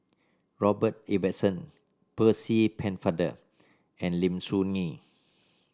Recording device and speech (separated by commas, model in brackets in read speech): standing microphone (AKG C214), read sentence